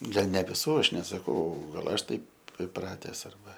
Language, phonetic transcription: Lithuanian, ˈgal ne viˈsų ˈaš nesaˈkau gal ˈaš ˈtaip iˈprates arˈba

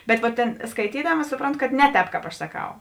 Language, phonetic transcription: Lithuanian, bet vot ˈtėn skaiˈtydama ˈsupronˌtu kad ˈne ˌtēp ˈkāp ˈaš saˈkau

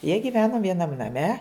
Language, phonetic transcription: Lithuanian, jie gyˈvenu vieˈnam naˈme

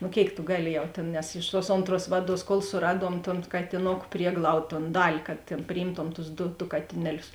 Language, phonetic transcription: Lithuanian, nu ˈkėik tu ˈgaˌli ˈjau tėn nes iš tuos ˈonˌtruos ˈvaˌduos kol suˈraˌduom ton katiˈnoku ˈprieglaud ton ˈdali kad tėn priˈjymtom tus ˈdu du ˈkatineˌlius

